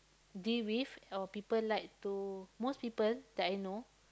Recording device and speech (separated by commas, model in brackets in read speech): close-talking microphone, conversation in the same room